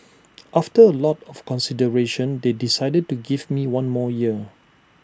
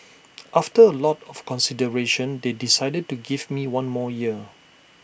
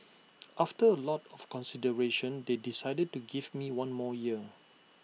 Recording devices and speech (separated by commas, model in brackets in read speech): standing microphone (AKG C214), boundary microphone (BM630), mobile phone (iPhone 6), read sentence